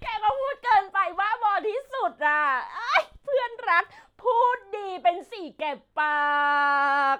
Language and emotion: Thai, happy